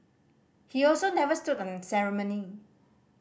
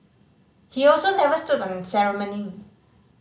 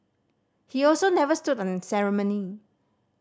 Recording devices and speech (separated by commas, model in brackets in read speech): boundary microphone (BM630), mobile phone (Samsung C5010), standing microphone (AKG C214), read sentence